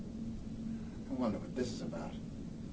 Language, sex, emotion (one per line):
English
male
neutral